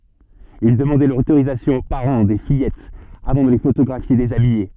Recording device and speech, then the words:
soft in-ear microphone, read sentence
Il demandait l'autorisation aux parents des fillettes avant de les photographier déshabillées.

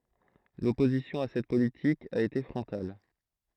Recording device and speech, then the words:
throat microphone, read sentence
L’opposition à cette politique a été frontale.

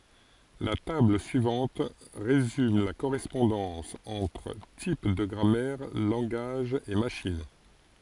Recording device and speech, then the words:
forehead accelerometer, read sentence
La table suivante résume la correspondance entre types de grammaire, langages et machines.

